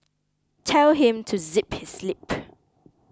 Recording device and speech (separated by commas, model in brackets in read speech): close-talking microphone (WH20), read sentence